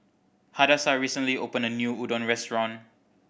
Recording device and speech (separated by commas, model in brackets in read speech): boundary microphone (BM630), read sentence